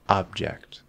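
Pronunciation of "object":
In 'object', the b is a held b with no strong cutoff.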